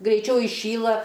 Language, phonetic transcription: Lithuanian, greiˈčiau iˈšyla

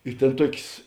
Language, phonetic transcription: Lithuanian, i ˈtėn ˈtuokės

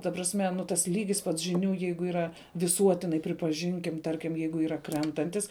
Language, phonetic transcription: Lithuanian, ta prasˈme nu ˈtas ˈlygis pats žiˈnių ˈjeigu yˈra viˈsuotinai pripaˈžinkim ˈtarkim ˈjeigu ˈyra ˈkrentantis

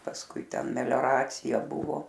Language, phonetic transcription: Lithuanian, pasˈkui ˈten melioˈracija ˈbuvo

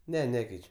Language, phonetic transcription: Lithuanian, ˈne ˈnekeič'

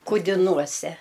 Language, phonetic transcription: Lithuanian, kudiˈnuose

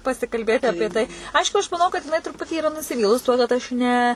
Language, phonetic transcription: Lithuanian, pasikalˈbėti ˈapie tai ˈaišku aš maˈnau kad jiˈnai truˈputį yˈra nusiˈvylus tuo kad ˈaš ˈne

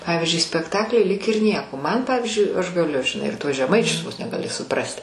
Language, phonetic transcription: Lithuanian, ˈpavizdžiui spekˈtakliui lyg ir ˈnieko man ˈpavyzdžiui aš gaˈliu žiˈnai ir tuos žeˈmaičius vos ne gaˈli suˈprasti

